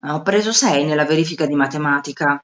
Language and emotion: Italian, angry